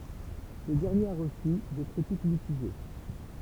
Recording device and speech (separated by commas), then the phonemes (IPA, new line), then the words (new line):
temple vibration pickup, read sentence
sə dɛʁnjeʁ a ʁəsy de kʁitik mitiʒe
Ce dernier a reçu des critiques mitigées.